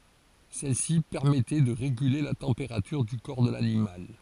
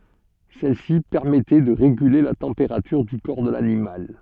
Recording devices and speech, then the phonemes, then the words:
forehead accelerometer, soft in-ear microphone, read sentence
sɛlsi pɛʁmɛtɛ də ʁeɡyle la tɑ̃peʁatyʁ dy kɔʁ də lanimal
Celle-ci permettait de réguler la température du corps de l'animal.

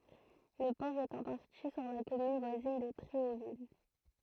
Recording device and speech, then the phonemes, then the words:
throat microphone, read sentence
lə pɔʁ ɛt ɑ̃ paʁti syʁ la kɔmyn vwazin də tʁeovil
Le port est en partie sur la commune voisine de Tréauville.

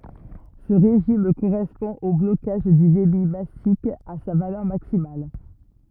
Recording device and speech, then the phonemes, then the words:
rigid in-ear microphone, read sentence
sə ʁeʒim koʁɛspɔ̃ o blokaʒ dy debi masik a sa valœʁ maksimal
Ce régime correspond au blocage du débit massique à sa valeur maximale.

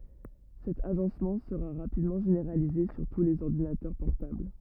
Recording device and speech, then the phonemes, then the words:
rigid in-ear microphone, read sentence
sɛt aʒɑ̃smɑ̃ səʁa ʁapidmɑ̃ ʒeneʁalize syʁ tu lez ɔʁdinatœʁ pɔʁtabl
Cet agencement sera rapidement généralisé sur tous les ordinateurs portables.

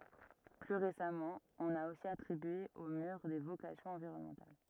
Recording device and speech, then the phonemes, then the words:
rigid in-ear microphone, read sentence
ply ʁesamɑ̃ ɔ̃n a osi atʁibye o myʁ de vokasjɔ̃z ɑ̃viʁɔnmɑ̃tal
Plus récemment, on a aussi attribué au mur des vocations environnementales.

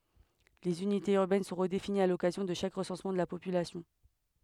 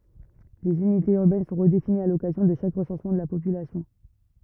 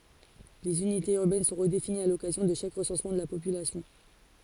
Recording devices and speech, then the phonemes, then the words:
headset microphone, rigid in-ear microphone, forehead accelerometer, read sentence
lez ynitez yʁbɛn sɔ̃ ʁədefiniz a lɔkazjɔ̃ də ʃak ʁəsɑ̃smɑ̃ də la popylasjɔ̃
Les unités urbaines sont redéfinies à l’occasion de chaque recensement de la population.

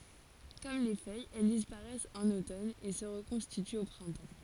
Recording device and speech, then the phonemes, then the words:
forehead accelerometer, read sentence
kɔm le fœjz ɛl dispaʁɛst ɑ̃n otɔn e sə ʁəkɔ̃stityt o pʁɛ̃tɑ̃
Comme les feuilles, elles disparaissent en automne et se reconstituent au printemps.

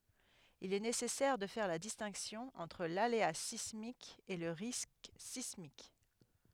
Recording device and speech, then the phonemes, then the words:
headset microphone, read sentence
il ɛ nesɛsɛʁ də fɛʁ la distɛ̃ksjɔ̃ ɑ̃tʁ lalea sismik e lə ʁisk sismik
Il est nécessaire de faire la distinction entre l'aléa sismique et le risque sismique.

